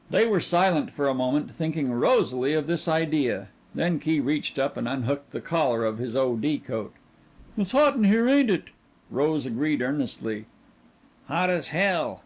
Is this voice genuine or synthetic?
genuine